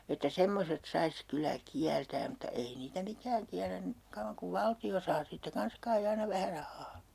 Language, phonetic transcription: Finnish, että 'semmoset 'sais 'kylä "kiältääm̆ mutta 'ei 'niitä "mikääŋ kiällän ni- , 'kauvvaŋ kuv 'valti₍o saa siittä 'kans kai 'aina vähä 'rah̆haa .
- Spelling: että semmoiset saisi kyllä kieltämään mutta ei niitä mikään kiellä - kauan kuin valtio saa siitä kanssa kai aina vähän rahaa

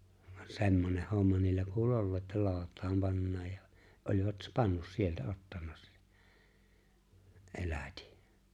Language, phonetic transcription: Finnish, ᴠᴀɴ 'se̬mmoneh 'homma niillä 'kuul "’ollee ’ ’että 'loout̀aam 'pannaaj ja , oĺvat 'pannus sieltä 'ottanna se , '’elätɪ .
- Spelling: vaan semmoinen homma niillä kuuli olleen - että lootaan pannaan ja olivat pannut sieltä ottanut se elätin

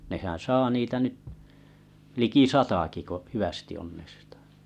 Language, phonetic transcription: Finnish, nehän 'saa 'niitä nyt , 'liki "sataki ko 'hyʷästi onnestᴀ .
- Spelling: nehän saa niitä nyt liki satakin kun hyvästi onnestaa

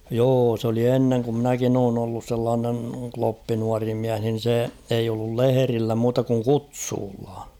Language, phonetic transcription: Finnish, 'joo s ‿oli 'enneŋ ku ‿'mnäkin ‿oon ‿ollus sellaanen̳ 'kloppi nuari 'miäh nin̬ se eij ‿ollul "leherillä muuta kuŋ "kutsuulla .
- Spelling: joo se oli ennen kun minäkin olen ollut sellainen kloppi nuori mies niin se ei ollut lehdillä muuta kuin kutsulla

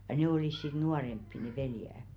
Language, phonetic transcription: Finnish, ja 'nè olìs sit "nuaremppi ne 'veljä .
- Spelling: ja ne olivat sitten nuorempia ne veljet

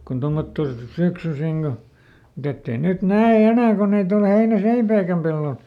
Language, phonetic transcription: Finnish, kun ˈtommotto , ˈsyksysiŋ Go , muˈt ‿ett ‿ei ˈnyt "nä₍e "enä̀ ko ˈnyt ‿ol ˈheinä"seipäikäm pellol .
- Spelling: kun tuommottoon syksyisin kun mutta että ei nyt näe enää kun nyt ole heinäseipäitäkään pellolla

